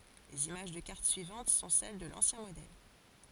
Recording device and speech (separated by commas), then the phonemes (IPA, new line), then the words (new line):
forehead accelerometer, read sentence
lez imaʒ də kaʁt syivɑ̃t sɔ̃ sɛl də lɑ̃sjɛ̃ modɛl
Les images de cartes suivantes sont celles de l'ancien modèle.